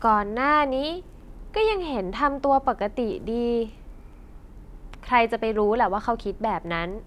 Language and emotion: Thai, frustrated